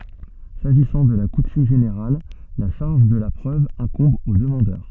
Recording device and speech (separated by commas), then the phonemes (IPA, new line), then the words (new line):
soft in-ear microphone, read sentence
saʒisɑ̃ də la kutym ʒeneʁal la ʃaʁʒ də la pʁøv ɛ̃kɔ̃b o dəmɑ̃dœʁ
S'agissant de la coutume générale, la charge de la preuve incombe au demandeur.